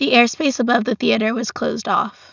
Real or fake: real